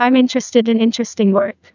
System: TTS, neural waveform model